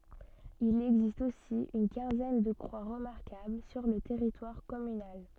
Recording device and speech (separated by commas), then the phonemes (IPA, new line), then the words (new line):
soft in-ear microphone, read sentence
il ɛɡzist osi yn kɛ̃zɛn də kʁwa ʁəmaʁkabl syʁ lə tɛʁitwaʁ kɔmynal
Il existe aussi une quinzaine de croix remarquables sur le territoire communal.